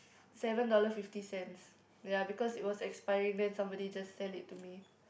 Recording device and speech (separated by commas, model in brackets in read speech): boundary microphone, conversation in the same room